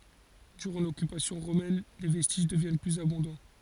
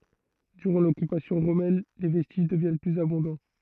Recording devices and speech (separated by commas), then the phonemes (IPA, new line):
forehead accelerometer, throat microphone, read sentence
dyʁɑ̃ lɔkypasjɔ̃ ʁomɛn le vɛstiʒ dəvjɛn plyz abɔ̃dɑ̃